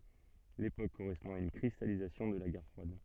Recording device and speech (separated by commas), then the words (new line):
soft in-ear microphone, read sentence
L’époque correspond à une cristallisation de la guerre froide.